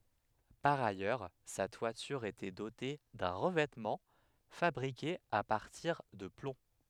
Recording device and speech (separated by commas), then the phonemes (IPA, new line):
headset microphone, read sentence
paʁ ajœʁ sa twatyʁ etɛ dote dœ̃ ʁəvɛtmɑ̃ fabʁike a paʁtiʁ də plɔ̃